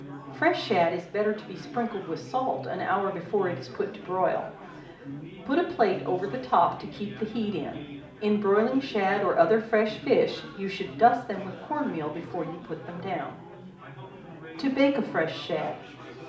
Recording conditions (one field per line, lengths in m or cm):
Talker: one person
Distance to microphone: 2.0 m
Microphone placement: close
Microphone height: 99 cm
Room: medium-sized (5.7 m by 4.0 m)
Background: babble